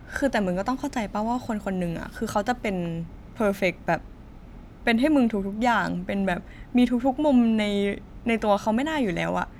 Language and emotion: Thai, frustrated